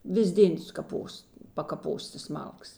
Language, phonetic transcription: Lithuanian, ˈvis ˈdėn sukaˈpos pakaˈpos tas ˈmalkas

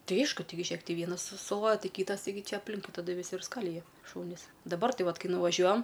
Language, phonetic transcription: Lithuanian, ˈtai ˈaišku ˈtaigi ˈžėk ˈti ˈvienas su suˈloja ˈtai ˈkytas taiˈgi ˈčia apˈlinkui taˈdu viˈsi ir ˈskalija ˈšūnis daˈbar ˈtai ˈvat ˈkai nuvaˈžiuojam

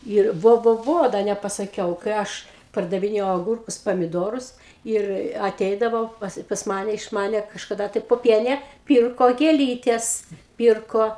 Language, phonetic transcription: Lithuanian, ir ˈvo ˈvo ˈvo da nepasaˈkiau kai ˈaš pardaviˈnėjau aˈgurkus pamiˈdorus ˈir aˈteidavo pas pas ˈmane iš ˈmane kažkaˈda tai poˈpienė ˈpyrko gėˈlytes ˈpyrko

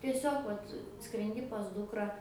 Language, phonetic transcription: Lithuanian, tieˈsiog ˈvat skrenˈdi pas ˈdukra

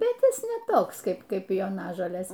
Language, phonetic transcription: Lithuanian, bet ˈjis ne ˈtoks ˈkaip ˈkaip joˈnažolės

